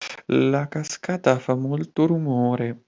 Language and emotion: Italian, fearful